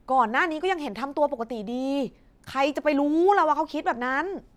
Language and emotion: Thai, frustrated